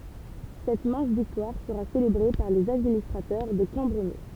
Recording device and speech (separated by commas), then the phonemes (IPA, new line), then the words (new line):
temple vibration pickup, read sentence
sɛt mɛ̃s viktwaʁ səʁa selebʁe paʁ lez administʁatœʁ də kɑ̃bʁəme
Cette mince victoire sera célébrée par les administrateurs de Cambremer.